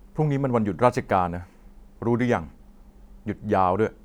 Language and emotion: Thai, neutral